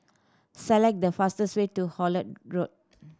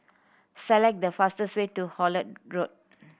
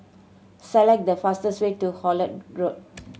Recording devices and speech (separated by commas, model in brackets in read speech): standing microphone (AKG C214), boundary microphone (BM630), mobile phone (Samsung C7100), read sentence